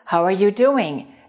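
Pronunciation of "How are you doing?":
In 'How are you doing?', the words are linked together.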